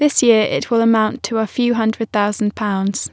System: none